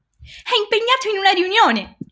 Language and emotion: Italian, happy